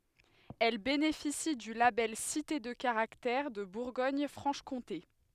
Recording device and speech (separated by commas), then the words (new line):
headset microphone, read sentence
Elle bénéficie du label Cité de Caractère de Bourgogne-Franche-Comté.